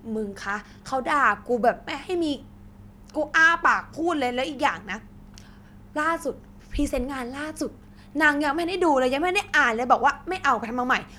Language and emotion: Thai, frustrated